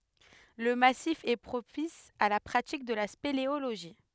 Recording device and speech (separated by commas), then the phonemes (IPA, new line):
headset microphone, read sentence
lə masif ɛ pʁopis a la pʁatik də la speleoloʒi